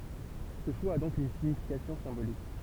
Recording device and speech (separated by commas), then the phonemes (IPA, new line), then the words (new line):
temple vibration pickup, read sentence
sə ʃwa a dɔ̃k yn siɲifikasjɔ̃ sɛ̃bolik
Ce choix a donc une signification symbolique.